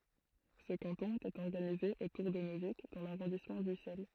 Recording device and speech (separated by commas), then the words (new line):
throat microphone, read sentence
Ce canton était organisé autour de Neuvic dans l'arrondissement d'Ussel.